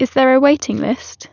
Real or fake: real